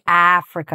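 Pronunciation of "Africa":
In 'Africa', the short a sound is exaggerated a little and held long.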